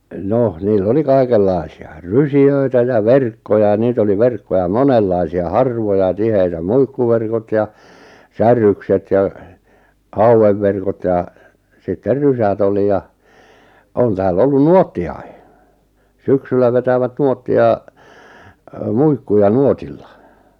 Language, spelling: Finnish, no niillä oli kaikenlaisia rysiä ja verkkoja ja niitä oli verkkoja monenlaisia harvoja tiheitä muikkuverkot ja säärykset ja haukiverkot ja sitten rysät oli ja on täällä ollut nuottiakin syksyllä vetävät nuottia - muikkuja nuotilla
- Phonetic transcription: 'noh , niil'l ‿oli "kaikel'lai̬si₍a , "rysi₍öitä ja "verkkoja ʲᵃ 'niit ‿oli "verkkoja "monellaisi₍a "harvoja "tiheitä "muikkuverkot ja , "säär̆rykset ja , "hauwevverkot jà , 'sitter "rysät ‿oli ja , 'on tääl'l ‿ollun "nuotti₍ai , "syksyllä 'vetävät "nuotti₍a , ö "muikkuja "nuotilla .

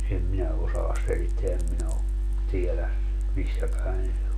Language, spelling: Finnish, en minä osaa selittää en minä ole tiedä missä päin se on
- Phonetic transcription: em 'minä osaas 'selitteä em 'minä o , 'tielä , 'missä päen se o .

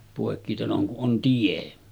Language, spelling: Finnish, poikkiteloin kun on tie
- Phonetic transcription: pòekkiteloŋ kuˀ ˀon 'tie .

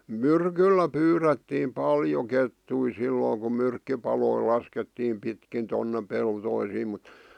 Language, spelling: Finnish, myrkyllä pyydettiin paljon kettuja silloin kun myrkkypaloja laskettiin pitkin tuonne peltoihin mutta
- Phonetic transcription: myrkyllä 'pyyrettiim "paljo 'kettui 'sillooŋ ku 'myrkki̳paloi 'laskettiim 'pitkin tonne "peltoisiim mᵘt ,.

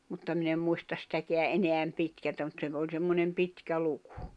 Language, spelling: Finnish, mutta minä en muista sitäkään enää pitkältä mutta se - oli semmoinen pitkä luku
- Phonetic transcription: mutta min ‿em 'muistas sⁱtäkeä '’eneäm 'pitkältä mut se ‿v- oĺ 'semmonem "pitkä 'lukᴜ .

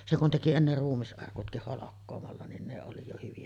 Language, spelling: Finnish, se kun teki ennen ruumisarkutkin holkkaamalla niin ne oli jo hyviä
- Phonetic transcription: 'se kun teki enner "ruummis’arkutkih 'holokkoomalla nin 'ne oli jo hyvi₍ä .

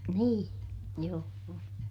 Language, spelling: Finnish, niin joo
- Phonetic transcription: nii , joo₍o .

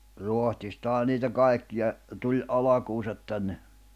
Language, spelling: Finnish, Ruotsistahan niitä kaikkia tuli alkunsa tänne
- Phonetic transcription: 'Ruohtistaha niitä 'kaekkija , tuĺ '’alakuusat tänne .

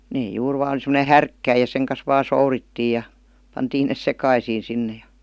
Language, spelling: Finnish, ne juuri vain semmoinen härkkäin ja sen kanssa vain sourittiin ja pantiin ne sekaisin sinne ja
- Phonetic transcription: 'nee 'juur 'vaan sem°ne "härkkäij ja 'seŋ kas 'vaa "sourittii ja , 'pantiin nes "sekaisii sinne jA .

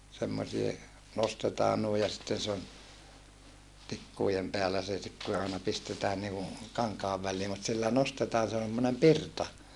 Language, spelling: Finnish, semmoisia nostetaan noin ja sitten se on tikkujen päällä se sitten kun se aina pistetään niin kuin kankaan väliin mutta sillä nostetaan se on semmoinen pirta
- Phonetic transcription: semmosie , nostetaa nui ja sitten se on , tikkùjem peälä se sit ku se àena pistetään niiku , kaŋkaav vällii mut sillä nostetaa se on̬ semmonem pirta .

